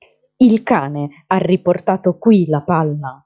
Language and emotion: Italian, angry